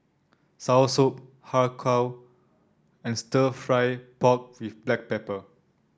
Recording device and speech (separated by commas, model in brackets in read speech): standing microphone (AKG C214), read sentence